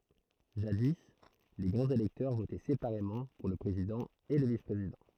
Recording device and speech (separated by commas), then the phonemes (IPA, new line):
throat microphone, read sentence
ʒadi le ɡʁɑ̃z elɛktœʁ votɛ sepaʁemɑ̃ puʁ lə pʁezidɑ̃ e lə vispʁezidɑ̃